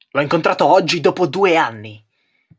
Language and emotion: Italian, angry